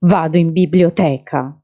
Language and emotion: Italian, angry